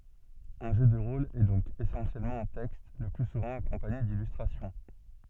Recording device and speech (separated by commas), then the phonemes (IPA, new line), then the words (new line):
soft in-ear microphone, read sentence
œ̃ ʒø də ʁol ɛ dɔ̃k esɑ̃sjɛlmɑ̃ œ̃ tɛkst lə ply suvɑ̃ akɔ̃paɲe dilystʁasjɔ̃
Un jeu de rôle est donc essentiellement un texte, le plus souvent accompagné d'illustrations.